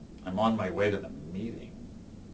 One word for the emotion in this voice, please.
neutral